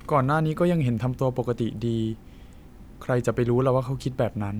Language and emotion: Thai, frustrated